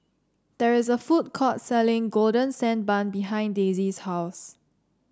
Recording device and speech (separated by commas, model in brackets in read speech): standing microphone (AKG C214), read sentence